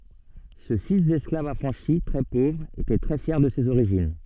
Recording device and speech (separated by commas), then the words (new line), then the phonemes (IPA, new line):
soft in-ear microphone, read sentence
Ce fils d'esclave affranchi, très pauvre était très fier de ses origines.
sə fis dɛsklav afʁɑ̃ʃi tʁɛ povʁ etɛ tʁɛ fjɛʁ də sez oʁiʒin